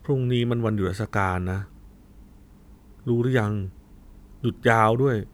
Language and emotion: Thai, frustrated